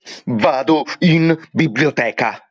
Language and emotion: Italian, angry